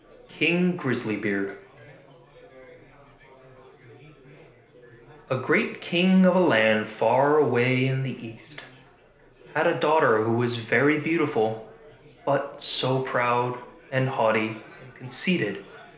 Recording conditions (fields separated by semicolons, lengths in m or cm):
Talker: one person; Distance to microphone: 1.0 m; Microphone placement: close; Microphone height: 1.1 m; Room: small (3.7 m by 2.7 m); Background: babble